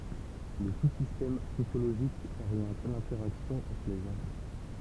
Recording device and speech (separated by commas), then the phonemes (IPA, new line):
temple vibration pickup, read sentence
lə su sistɛm sosjoloʒik oʁjɑ̃t lɛ̃tɛʁaksjɔ̃ ɑ̃tʁ le ʒɑ̃